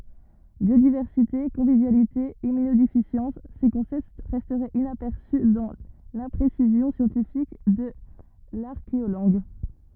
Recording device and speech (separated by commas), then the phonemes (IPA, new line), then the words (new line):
rigid in-ear microphone, read sentence
bjodivɛʁsite kɔ̃vivjalite immynodefisjɑ̃s se kɔ̃sɛpt ʁɛstɛt inapɛʁsy dɑ̃ lɛ̃pʁesizjɔ̃ sjɑ̃tifik də laʁkeolɑ̃ɡ
Biodiversité, convivialité, immunodéficience, ces concepts restaient inaperçus dans l'imprécision scientifique de l'archéolangue.